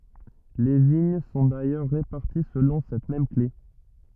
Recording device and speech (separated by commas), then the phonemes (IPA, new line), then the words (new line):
rigid in-ear microphone, read sentence
le viɲ sɔ̃ dajœʁ ʁepaʁti səlɔ̃ sɛt mɛm kle
Les vignes sont d’ailleurs réparties selon cette même clef.